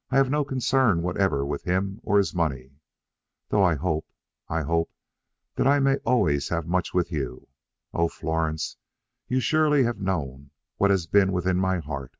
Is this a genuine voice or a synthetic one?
genuine